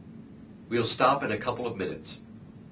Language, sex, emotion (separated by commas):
English, male, neutral